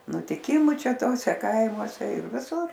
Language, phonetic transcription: Lithuanian, nutiˈkimu ˈčia ˈtose ˈkaimuose ir viˈsur

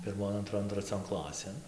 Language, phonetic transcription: Lithuanian, pirˈmon anˈtron traˈcion ˈklasėn

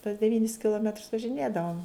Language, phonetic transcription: Lithuanian, tuos deˈvynis kiloˈmetrs važiˈnėdavom

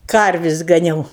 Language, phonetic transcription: Lithuanian, ˈkarvis' gaˈniau

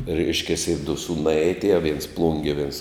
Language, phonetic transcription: Lithuanian, ˈreiškiasi du ˈsūnai atˈėjo viens ˈplungie viens

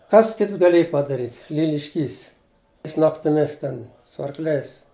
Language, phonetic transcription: Lithuanian, ˈkas ˈkits gaˈliej padaˈryt' lilišˈkys ˈjis naktiˈmis ˈten su arkˈliais

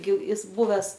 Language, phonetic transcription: Lithuanian, gi ˈis ˈbuves

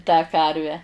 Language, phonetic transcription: Lithuanian, tą ˈkarvę

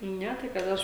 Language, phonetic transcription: Lithuanian, ˈne tai kad ˈaš

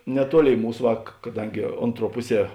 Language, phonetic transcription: Lithuanian, neˈtuoˌlėi ˈmūs ˈva k kaˈdangi ˈonˌtruo ˈpuˌsie

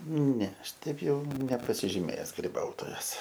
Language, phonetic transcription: Lithuanian, ne ˈaš ˈteip ˈjau nepasižiˈmėjes griˈbautojas

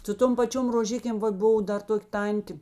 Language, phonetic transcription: Lithuanian, su ˈtom paˈčiom roˈžikėm ˈvat ˈbuvo ˈdar ˈtok' ˈtantė

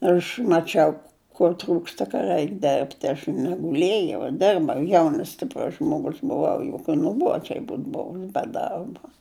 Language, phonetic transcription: Lithuanian, ˈaš maˈčiau kur ˈtrūksta ka ˈraik ˈderbti aš neguˈlėjau ˈdirbau ˈjaunas stipˈrus žmoˈgus buˈvau juk ka nuˈbuodžiai ˈbūt ˈbovi be ˈdarba

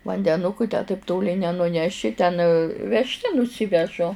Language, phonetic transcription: Lithuanian, vandeˈnuku tę taip ˈtoli nenuˈneši ten vežˈte nuˈsivežu

